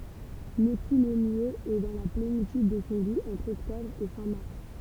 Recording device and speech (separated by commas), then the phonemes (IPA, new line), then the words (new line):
temple vibration pickup, read sentence
lə kulɔmjez ɛ dɑ̃ la plenityd də sɔ̃ ɡu ɑ̃tʁ ɔktɔbʁ e fɛ̃ maʁs
Le coulommiers est dans la plénitude de son goût entre octobre et fin mars.